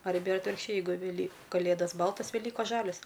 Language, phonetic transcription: Lithuanian, arˈbe ir atvirkšˈčiai jeiˈgu veˈly kaˈlėdas ˈbaltas veˈlykos ˈžalios

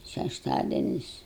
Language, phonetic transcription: Lithuanian, šešˈtadenis

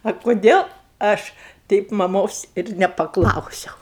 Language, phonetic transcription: Lithuanian, a kuˈdėl ˈaš ˈteip maˈmos ir nepaˈklausiau

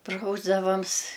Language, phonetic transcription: Lithuanian, ˈprausdavams

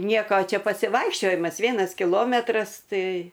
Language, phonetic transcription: Lithuanian, ˈnieko ˈčia pasiˈvaikščiojimas ˈvienas kiˈlometras ˈtai

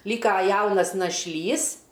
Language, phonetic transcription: Lithuanian, ˈlyka ˈjaunas našˈlys

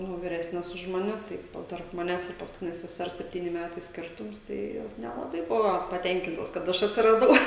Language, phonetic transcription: Lithuanian, nu viˈresnes už maˈne ˈtai ˈjau tarp maˈnęs ir paskuˈtines seˈsers sepˈtyni ˈmætai ˈskirtums ˈtai ˈjos nelaˈbai ˈbuvo paˈtenkintos kad ˈaš atsiraˈdau

